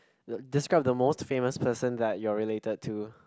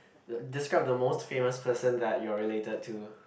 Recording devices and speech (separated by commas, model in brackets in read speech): close-talking microphone, boundary microphone, conversation in the same room